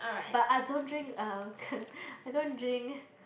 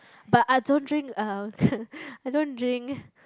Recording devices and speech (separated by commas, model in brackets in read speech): boundary microphone, close-talking microphone, conversation in the same room